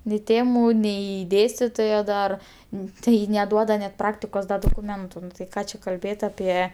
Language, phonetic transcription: Lithuanian, ni ˈtėmu nei ˈdėstitojo dar ˈnu tai neˈduoda net ˈpraktikos da dokuˈmentu nu tai ˈką čia kalˈbėt aˈpie

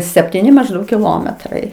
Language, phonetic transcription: Lithuanian, septiˈni mažˈdaug kiˈlometrai

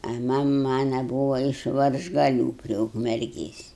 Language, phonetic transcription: Lithuanian, a ˈmam ˈmana ˈbūva iš varžgaˈlių prie ukmerˈgės'

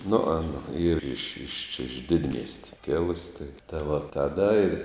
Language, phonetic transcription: Lithuanian, nu ˈana ˈyr iš iš čia iš ˈdidmiesti ˈkilus' tai tai va taˈda ir

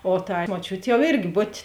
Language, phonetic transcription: Lithuanian, o tai moˈčiut' jau ˈirgi ˈbutė

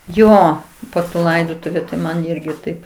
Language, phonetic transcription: Lithuanian, ˈjo po tų ˈlaidotuviu tai ˈman ˈirgi ˈtaip

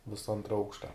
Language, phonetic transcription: Lithuanian, ˈvisa ˈantra ˈaukšta

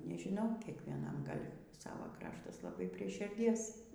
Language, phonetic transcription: Lithuanian, nežiˈnau kiekvieˈnam ˈgal' ˈsavo ˈkraštas laˈbai prie širˈdies

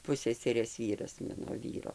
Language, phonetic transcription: Lithuanian, ˈpusseserės ˈvyras ˈmano ˈvyro

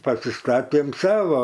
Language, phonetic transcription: Lithuanian, pasiˈstatėm ˈsava

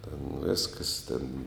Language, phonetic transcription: Lithuanian, ten ˈvėskas tėn

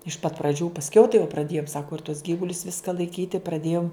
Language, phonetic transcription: Lithuanian, iš pat praˈdžių pasˈkiau tai jau praˈdėjum ˈsaku ir tuos ˈgyvulius ˈviska laiˈkyti praˈdėjum

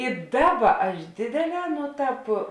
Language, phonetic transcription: Lithuanian, i ˈdaˌba aš ˈdėdėˌlē ˈno ˈtāp

